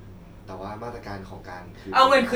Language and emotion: Thai, neutral